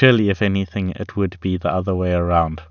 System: none